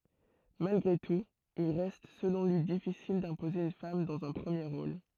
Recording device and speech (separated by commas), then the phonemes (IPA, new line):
throat microphone, read sentence
malɡʁe tut il ʁɛst səlɔ̃ lyi difisil dɛ̃poze yn fam dɑ̃z œ̃ pʁəmje ʁol